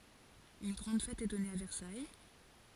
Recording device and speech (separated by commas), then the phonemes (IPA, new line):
forehead accelerometer, read sentence
yn ɡʁɑ̃d fɛt ɛ dɔne a vɛʁsaj